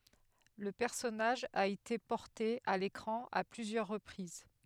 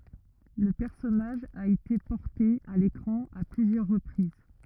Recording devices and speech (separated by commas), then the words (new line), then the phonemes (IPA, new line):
headset microphone, rigid in-ear microphone, read sentence
Le personnage a été porté à l'écran à plusieurs reprises.
lə pɛʁsɔnaʒ a ete pɔʁte a lekʁɑ̃ a plyzjœʁ ʁəpʁiz